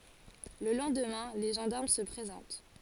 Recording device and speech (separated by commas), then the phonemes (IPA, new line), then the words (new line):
forehead accelerometer, read sentence
lə lɑ̃dmɛ̃ le ʒɑ̃daʁm sə pʁezɑ̃t
Le lendemain, les gendarmes se présentent.